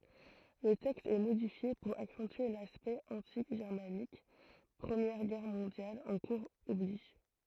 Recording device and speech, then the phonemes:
throat microphone, read sentence
lə tɛkst ɛ modifje puʁ aksɑ̃tye laspɛkt ɑ̃ti ʒɛʁmanik pʁəmjɛʁ ɡɛʁ mɔ̃djal ɑ̃ kuʁz ɔbliʒ

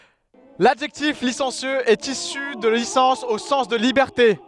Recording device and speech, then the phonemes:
headset microphone, read sentence
ladʒɛktif lisɑ̃sjøz ɛt isy də lisɑ̃s o sɑ̃s də libɛʁte

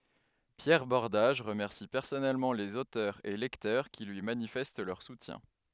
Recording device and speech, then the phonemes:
headset microphone, read sentence
pjɛʁ bɔʁdaʒ ʁəmɛʁsi pɛʁsɔnɛlmɑ̃ lez otœʁz e lɛktœʁ ki lyi manifɛst lœʁ sutjɛ̃

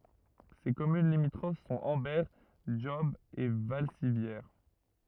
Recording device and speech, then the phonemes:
rigid in-ear microphone, read sentence
se kɔmyn limitʁof sɔ̃t ɑ̃bɛʁ dʒɔb e valsivjɛʁ

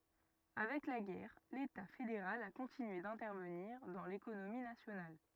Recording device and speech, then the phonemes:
rigid in-ear microphone, read sentence
avɛk la ɡɛʁ leta fedeʁal a kɔ̃tinye dɛ̃tɛʁvəniʁ dɑ̃ lekonomi nasjonal

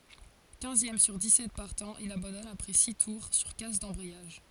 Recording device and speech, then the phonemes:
forehead accelerometer, read sentence
kɛ̃zjɛm syʁ dikssɛt paʁtɑ̃z il abɑ̃dɔn apʁɛ si tuʁ syʁ kas dɑ̃bʁɛjaʒ

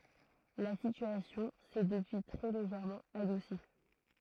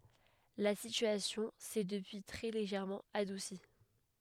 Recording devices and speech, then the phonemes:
throat microphone, headset microphone, read sentence
la sityasjɔ̃ sɛ dəpyi tʁɛ leʒɛʁmɑ̃ adusi

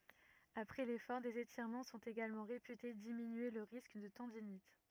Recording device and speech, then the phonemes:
rigid in-ear microphone, read sentence
apʁɛ lefɔʁ dez etiʁmɑ̃ sɔ̃t eɡalmɑ̃ ʁepyte diminye lə ʁisk də tɑ̃dinit

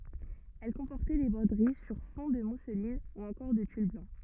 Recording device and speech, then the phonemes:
rigid in-ear microphone, read sentence
ɛl kɔ̃pɔʁtɛ de bʁodəʁi syʁ fɔ̃ də muslin u ɑ̃kɔʁ də tyl blɑ̃

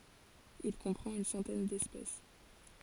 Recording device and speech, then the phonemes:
forehead accelerometer, read sentence
il kɔ̃pʁɑ̃t yn sɑ̃tɛn dɛspɛs

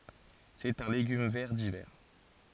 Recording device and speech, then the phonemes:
forehead accelerometer, read sentence
sɛt œ̃ leɡym vɛʁ divɛʁ

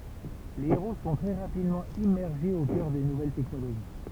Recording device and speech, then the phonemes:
temple vibration pickup, read sentence
le eʁo sɔ̃ tʁɛ ʁapidmɑ̃ immɛʁʒez o kœʁ de nuvɛl tɛknoloʒi

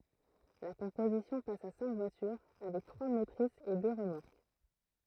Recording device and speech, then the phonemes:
throat microphone, read sentence
la kɔ̃pozisjɔ̃ pas a sɛ̃k vwatyʁ avɛk tʁwa motʁisz e dø ʁəmɔʁk

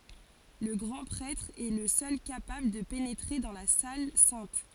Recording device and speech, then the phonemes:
forehead accelerometer, read sentence
lə ɡʁɑ̃ pʁɛtʁ ɛ lə sœl kapabl də penetʁe dɑ̃ la sal sɛ̃t

